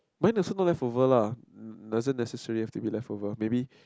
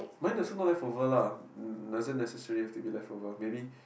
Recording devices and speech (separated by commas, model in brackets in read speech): close-talking microphone, boundary microphone, conversation in the same room